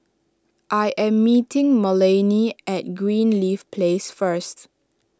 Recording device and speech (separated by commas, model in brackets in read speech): standing microphone (AKG C214), read sentence